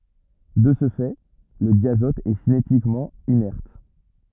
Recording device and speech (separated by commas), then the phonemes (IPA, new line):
rigid in-ear microphone, read sentence
də sə fɛ lə djazɔt ɛ sinetikmɑ̃ inɛʁt